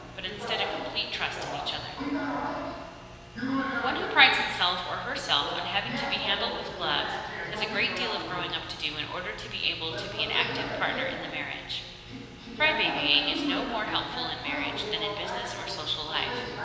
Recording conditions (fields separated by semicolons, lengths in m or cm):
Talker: one person; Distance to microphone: 1.7 m; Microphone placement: close; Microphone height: 1.0 m; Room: very reverberant, large; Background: television